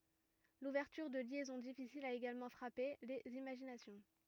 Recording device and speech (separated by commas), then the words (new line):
rigid in-ear microphone, read sentence
L'ouverture de liaisons difficiles a également frappé les imaginations.